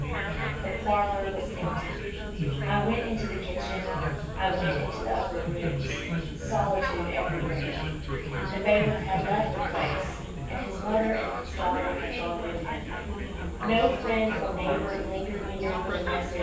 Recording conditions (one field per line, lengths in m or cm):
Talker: one person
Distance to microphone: 9.8 m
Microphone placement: far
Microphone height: 1.8 m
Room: large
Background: babble